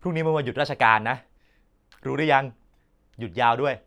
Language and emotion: Thai, neutral